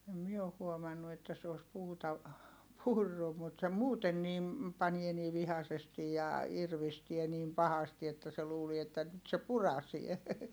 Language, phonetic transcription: Finnish, em mie oh huomannu että se os puuta , purru mut se muuten nim , panie nii vihasestij ja , irvistie niim pahasti että se luulie että nyt se purasie .
- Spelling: en minä ole huomannut että se olisi puuta purrut mutta se muuten niin panee niin vihaisesti ja irvistää niin pahasti että se luulee että nyt se puraisee

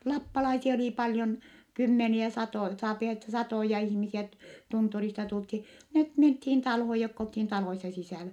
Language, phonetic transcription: Finnish, lappalaisia olì paljon , kymmeniä satòj - saapi ette satòja ihmisiä ett(e) , tunturista tulthi , net menthiin talhoj jokk ‿olthin taloissa sisä̀lä .
- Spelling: lappalaisia oli paljon kymmeniä satoja saa että satoja ihmisiä että tunturista tultiin ne mentiin taloon jotka oltiin taloissa sisällä

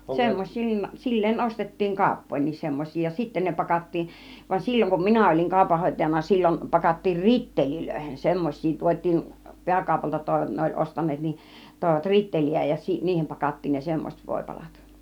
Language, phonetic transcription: Finnish, semmoś̆siin , 'sil̀leen 'ˀostet̀tiiŋ "kauppoin̆niis semmoⁱs̆sii , ja 'sitten ne 'pakat̀tiiˀ , van 'sil͕l͕oŋ kum "minä ol͕iŋ 'kàupanhòitajana 'sil͕l͕on , pakattiin "rittelilöihen 'semmoś̆siin , 'tuot́̆tiin , 'pi̬äkaupalta tòi- , 'ne oĺ 'ostan̆neet nin , tòivat "ritteli₍ä ja 'niihem pakat̀tiin ne 'semmos͕et 'vòipalat .
- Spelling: semmoisiin sillä lailla ostettiin kauppoihinkin semmoisia ja sitten ne pakattiin vaan silloin kun minä olin kaupanhoitajana silloin pakattiin ritteleihin semmoisiin tuotiin pääkaupalta - ne oli ostaneet niin toivat ritteleitä ja niihin pakattiin ne semmoiset voipalat

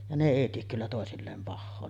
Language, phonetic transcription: Finnish, ja ne 'èi tiek kyllä tòesilleem 'pahhoo .
- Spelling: ja ne ei tee kyllä toisilleen pahaa

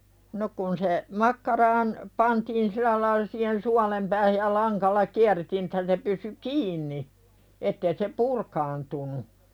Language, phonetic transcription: Finnish, 'no kun se , 'makkaraan , pantiin "sil̆lä laila siihen "sualem päähäj ja 'laŋkalla "kiärretiin että se pysy "kiinni , 'ettee se "purkaantunu .
- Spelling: no kun se makkaraan pantiin sillä lailla siihen suolen päähän ja langalla kierrettiin että se pysyi kiinni että ei se purkaantunut

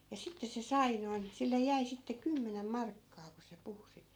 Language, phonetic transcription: Finnish, ja 'sittes̆ se "sai noin , sillej̆ 'jäi sitte 'kymmenem 'markkaa ku se 'puhu sit .
- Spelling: ja sitten se sai noin sille jäi sitten kymmenen markkaa kun se puhui sitä

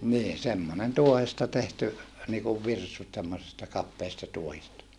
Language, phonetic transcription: Finnish, nii , semmonen tuohesta tehty , niikuv virsut semmosesta kappeesta tuohista .
- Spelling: niin semmoinen tuohesta tehty niin kuin virsut semmoisesta kapeasta tuohesta

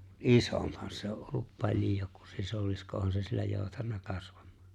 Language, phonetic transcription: Finnish, mut "’isomphan se o’ ’ollup 'paĺjo ku 'sisolisko 'ohan se siellä 'jooutanna 'kasvᴀᴍ̀ᴀᴀ .
- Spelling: mutta isompihan se on ollut paljon kuin sisilisko onhan se siellä joutanut kasvamaan

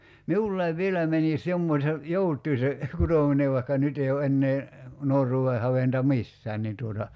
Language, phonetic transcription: Finnish, "miullaiv 'vieläi mänis 'jommośe , "jout̀ui se , 'kutòminev vai̬kka 'nyt ‿ei o 'ennee , 'nuor̆ruu₍e 'haventa "missään nin tuota ,.
- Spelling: minullakin vieläkin menisi jommoisen joutuin se kutominen vaikka nyt ei ole enää nuoruuden haventa missään niin tuota

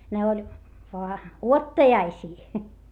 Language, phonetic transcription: Finnish, ne oĺ , voa , uottajaisii .
- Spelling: ne oli vain odottajaisia

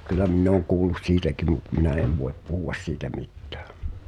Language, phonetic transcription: Finnish, 'kyl̆lä minn ‿ooŋ 'kuulus "siitäkim̆ mut 'minä 'ev voep "puhu₍as siitä 'mittᴀ̈ᴀ̈ .
- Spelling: kyllä minä olen kuullut siitäkin mutta minä en voi puhua siitä mitään

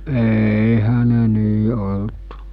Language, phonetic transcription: Finnish, 'eeihä ne 'nii olt .
- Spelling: eihän ne niin ollut

